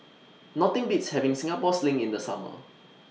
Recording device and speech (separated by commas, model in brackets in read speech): mobile phone (iPhone 6), read sentence